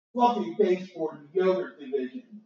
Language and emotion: English, sad